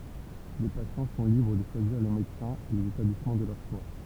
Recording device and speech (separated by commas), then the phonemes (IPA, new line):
temple vibration pickup, read sentence
le pasjɑ̃ sɔ̃ libʁ də ʃwaziʁ le medəsɛ̃z e lez etablismɑ̃ də lœʁ ʃwa